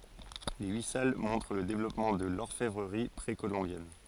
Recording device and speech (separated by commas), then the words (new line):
forehead accelerometer, read sentence
Les huit salles montrent le développement de l'orfèvrerie précolombienne.